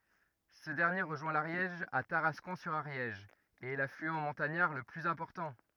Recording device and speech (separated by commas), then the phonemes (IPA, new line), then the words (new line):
rigid in-ear microphone, read sentence
sə dɛʁnje ʁəʒwɛ̃ laʁjɛʒ a taʁaskɔ̃ syʁ aʁjɛʒ e ɛ laflyɑ̃ mɔ̃taɲaʁ lə plyz ɛ̃pɔʁtɑ̃
Ce dernier rejoint l'Ariège à Tarascon-sur-Ariège et est l'affluent montagnard le plus important.